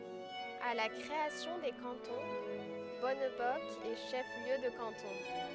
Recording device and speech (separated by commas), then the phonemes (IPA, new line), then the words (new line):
headset microphone, read sentence
a la kʁeasjɔ̃ de kɑ̃tɔ̃ bɔnbɔsk ɛ ʃɛf ljø də kɑ̃tɔ̃
À la création des cantons, Bonnebosq est chef-lieu de canton.